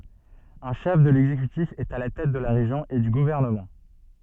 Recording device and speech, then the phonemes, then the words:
soft in-ear microphone, read sentence
œ̃ ʃɛf də lɛɡzekytif ɛt a la tɛt də la ʁeʒjɔ̃ e dy ɡuvɛʁnəmɑ̃
Un chef de l'exécutif est à la tête de la région et du gouvernement.

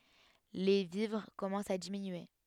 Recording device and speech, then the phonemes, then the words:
headset microphone, read sentence
le vivʁ kɔmɑ̃st a diminye
Les vivres commencent à diminuer.

